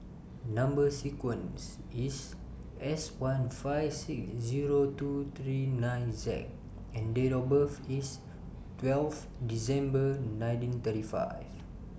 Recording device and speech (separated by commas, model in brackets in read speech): boundary microphone (BM630), read sentence